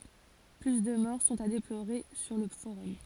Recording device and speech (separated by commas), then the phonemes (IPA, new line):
forehead accelerometer, read sentence
ply də mɔʁ sɔ̃t a deploʁe syʁ lə foʁɔm